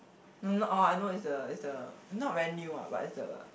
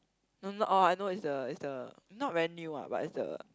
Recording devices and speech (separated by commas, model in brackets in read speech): boundary microphone, close-talking microphone, conversation in the same room